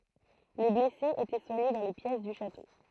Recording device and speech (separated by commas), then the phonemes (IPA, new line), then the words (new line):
throat microphone, read sentence
le blɛsez etɛ swaɲe dɑ̃ le pjɛs dy ʃato
Les blessés étaient soignés dans les pièces du château.